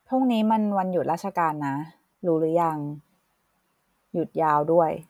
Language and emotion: Thai, neutral